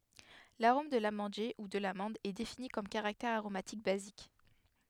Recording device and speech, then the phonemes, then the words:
headset microphone, read sentence
laʁom də lamɑ̃dje u də lamɑ̃d ɛ defini kɔm kaʁaktɛʁ aʁomatik bazik
L'arôme de l'amandier, ou de l'amande, est défini comme caractère aromatique basique.

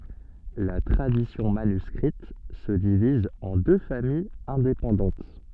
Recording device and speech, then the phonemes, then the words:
soft in-ear microphone, read sentence
la tʁadisjɔ̃ manyskʁit sə diviz ɑ̃ dø famijz ɛ̃depɑ̃dɑ̃t
La tradition manuscrite se divise en deux familles indépendantes.

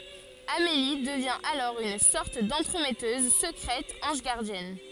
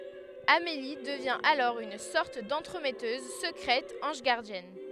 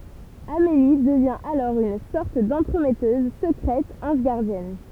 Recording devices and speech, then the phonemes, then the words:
forehead accelerometer, headset microphone, temple vibration pickup, read sentence
ameli dəvjɛ̃ alɔʁ yn sɔʁt dɑ̃tʁəmɛtøz səkʁɛt ɑ̃ʒ ɡaʁdjɛn
Amélie devient alors une sorte d'entremetteuse secrète ange gardienne.

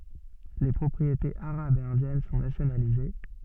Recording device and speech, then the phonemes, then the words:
soft in-ear microphone, read sentence
le pʁɔpʁietez aʁabz e ɛ̃djɛn sɔ̃ nasjonalize
Les propriétés arabes et indiennes sont nationalisées.

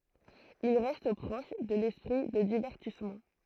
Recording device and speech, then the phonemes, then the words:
throat microphone, read sentence
il ʁɛst pʁɔʃ də lɛspʁi də divɛʁtismɑ̃
Il reste proche de l’esprit de divertissement.

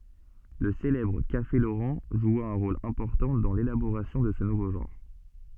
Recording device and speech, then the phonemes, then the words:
soft in-ear microphone, read sentence
lə selɛbʁ kafe loʁɑ̃ ʒwa œ̃ ʁol ɛ̃pɔʁtɑ̃ dɑ̃ lelaboʁasjɔ̃ də sə nuvo ʒɑ̃ʁ
Le célèbre Café Laurent joua un rôle important dans l'élaboration de ce nouveau genre.

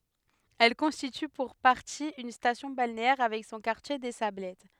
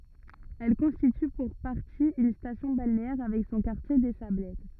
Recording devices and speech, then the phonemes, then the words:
headset microphone, rigid in-ear microphone, read sentence
ɛl kɔ̃stity puʁ paʁti yn stasjɔ̃ balneɛʁ avɛk sɔ̃ kaʁtje de sablɛt
Elle constitue pour partie une station balnéaire avec son quartier des Sablettes.

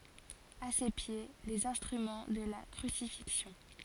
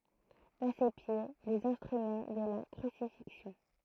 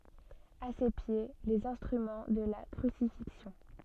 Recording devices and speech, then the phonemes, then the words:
forehead accelerometer, throat microphone, soft in-ear microphone, read sentence
a se pje lez ɛ̃stʁymɑ̃ də la kʁysifiksjɔ̃
À ses pieds, les instruments de la crucifixion.

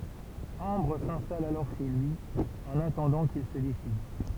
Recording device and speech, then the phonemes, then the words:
temple vibration pickup, read sentence
ɑ̃bʁ sɛ̃stal alɔʁ ʃe lyi ɑ̃n atɑ̃dɑ̃ kil sə desid
Ambre s'installe alors chez lui, en attendant qu'il se décide.

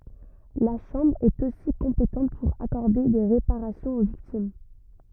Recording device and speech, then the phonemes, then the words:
rigid in-ear microphone, read sentence
la ʃɑ̃bʁ ɛt osi kɔ̃petɑ̃t puʁ akɔʁde de ʁepaʁasjɔ̃z o viktim
La Chambre est, aussi, compétente pour accorder des réparations aux victimes.

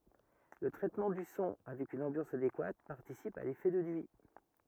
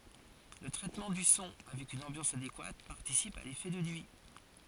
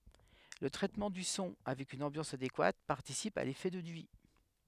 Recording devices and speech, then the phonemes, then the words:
rigid in-ear microphone, forehead accelerometer, headset microphone, read sentence
lə tʁɛtmɑ̃ dy sɔ̃ avɛk yn ɑ̃bjɑ̃s adekwat paʁtisip a lefɛ də nyi
Le traitement du son avec une ambiance adéquate participe à l'effet de nuit.

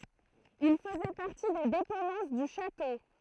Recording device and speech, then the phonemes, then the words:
throat microphone, read sentence
il fəzɛ paʁti de depɑ̃dɑ̃s dy ʃato
Il faisait partie des dépendances du château.

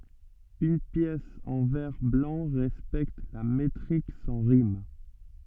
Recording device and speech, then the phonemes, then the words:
soft in-ear microphone, read sentence
yn pjɛs ɑ̃ vɛʁ blɑ̃ ʁɛspɛkt la metʁik sɑ̃ ʁim
Une pièce en vers blancs respecte la métrique sans rimes.

